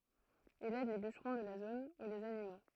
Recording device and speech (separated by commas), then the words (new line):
throat microphone, read sentence
Il aide les bûcherons de la zone ou les animaux.